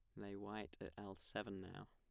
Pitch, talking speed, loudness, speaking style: 100 Hz, 210 wpm, -51 LUFS, plain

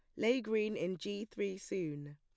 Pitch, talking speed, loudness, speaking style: 200 Hz, 185 wpm, -38 LUFS, plain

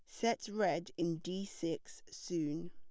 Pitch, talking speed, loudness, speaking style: 185 Hz, 145 wpm, -38 LUFS, plain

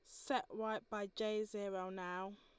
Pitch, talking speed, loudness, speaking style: 210 Hz, 165 wpm, -43 LUFS, Lombard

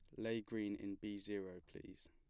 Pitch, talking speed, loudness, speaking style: 105 Hz, 190 wpm, -46 LUFS, plain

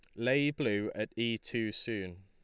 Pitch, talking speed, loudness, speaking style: 110 Hz, 175 wpm, -33 LUFS, Lombard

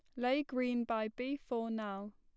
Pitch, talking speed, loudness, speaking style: 240 Hz, 185 wpm, -37 LUFS, plain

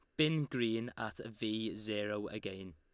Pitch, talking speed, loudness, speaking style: 110 Hz, 140 wpm, -38 LUFS, Lombard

